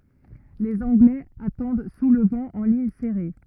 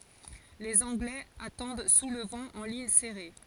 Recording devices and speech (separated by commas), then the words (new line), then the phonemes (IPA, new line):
rigid in-ear microphone, forehead accelerometer, read sentence
Les Anglais attendent sous le vent, en ligne serrée.
lez ɑ̃ɡlɛz atɑ̃d su lə vɑ̃ ɑ̃ liɲ sɛʁe